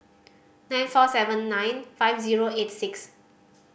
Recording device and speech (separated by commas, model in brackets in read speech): boundary microphone (BM630), read sentence